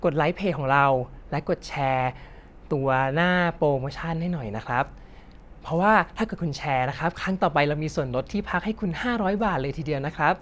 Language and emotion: Thai, happy